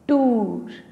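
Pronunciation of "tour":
'Tour' is pronounced incorrectly here.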